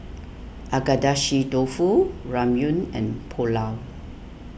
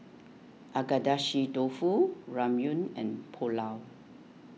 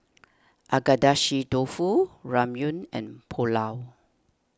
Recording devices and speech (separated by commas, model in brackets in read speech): boundary microphone (BM630), mobile phone (iPhone 6), standing microphone (AKG C214), read sentence